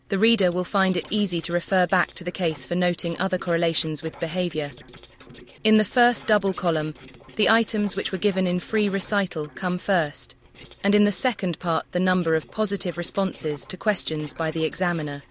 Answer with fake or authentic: fake